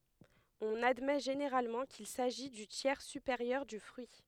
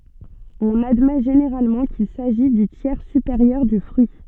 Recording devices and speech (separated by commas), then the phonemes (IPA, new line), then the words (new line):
headset microphone, soft in-ear microphone, read sentence
ɔ̃n admɛ ʒeneʁalmɑ̃ kil saʒi dy tjɛʁ sypeʁjœʁ dy fʁyi
On admet généralement qu'il s'agit du tiers supérieur du fruit.